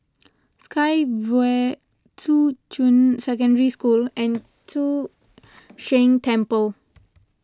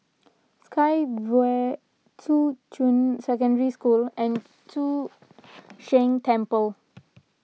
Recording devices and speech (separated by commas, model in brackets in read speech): close-talking microphone (WH20), mobile phone (iPhone 6), read sentence